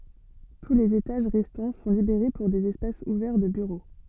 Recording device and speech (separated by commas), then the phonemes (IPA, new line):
soft in-ear microphone, read sentence
tu lez etaʒ ʁɛstɑ̃ sɔ̃ libeʁe puʁ dez ɛspasz uvɛʁ də byʁo